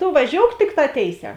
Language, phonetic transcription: Lithuanian, to vaˈžiouk ˈtikˌtā ˈtėiˌsē

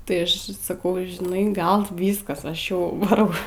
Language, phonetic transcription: Lithuanian, tai ˈaš saˈkau žiˈnai ˈgal ˈvyskas ˈaš ˈjau vaˈrau

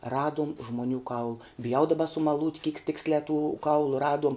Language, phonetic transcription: Lithuanian, ˈraduom žmoˈnių kaul biˈjau daˈba sumaˈlūt' kyk ˈtiksliā tu ˈkaulu ˈraduom

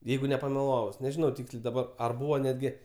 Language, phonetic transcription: Lithuanian, ˈjeigu nepameˈlavus neˈžinau ˈtykslė daˈbar ar ˈbūva netˈgi

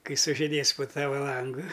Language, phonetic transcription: Lithuanian, ˈkai sužiˈdės po ˈtava ˈlangu

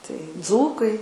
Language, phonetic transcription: Lithuanian, tai ˈdzūkai

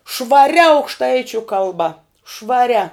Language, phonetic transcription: Lithuanian, švaˈria aukšˈtaičiu kalˈba švaˈria

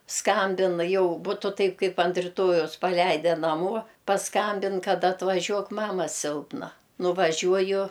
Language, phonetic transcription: Lithuanian, ˈskambin ˈjau ˈbutu taip ˈkaip ant riˈtojaus paˈleide naˈmuo paˈskambin ˈkad atvaˈžiuok ˈmama ˈsilpna nuvaˈžiuoju

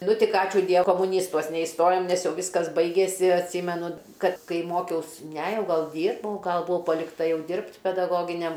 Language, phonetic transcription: Lithuanian, ˈnu ˈtik ˈačiū ˈdie komuˈnystuos neisˈtojom nes ˈjau ˈvyskas ˈbaigėsi atˈsymenu ˈkad ˈkai ˈmokiaus ne ˈjau ˈgal ˈdyrbau ˈgal buˈvau palikˈta ˈjau ˈdirbt pedaˈgoginiam

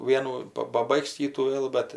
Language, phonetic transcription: Lithuanian, ˈvienų ˈpa paˈbaiks ˈkytų ˈvėl bet

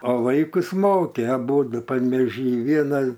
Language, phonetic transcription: Lithuanian, o ˈvaikus ˈmokė aˈbūdu panvėˈžy ˈviena

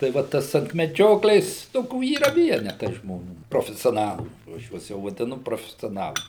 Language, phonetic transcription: Lithuanian, tai ˈva ˈtas ant meˈdžioklės ˈtokių yˈra ˈvienetai žmoˈnių profesioˈnalų jau ˈaš ˈjuos jau vadiˈnu profesioˈnalai

